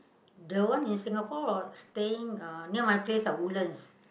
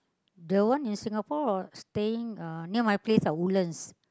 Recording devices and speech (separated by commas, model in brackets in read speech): boundary microphone, close-talking microphone, conversation in the same room